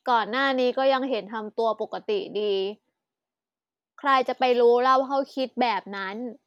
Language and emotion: Thai, frustrated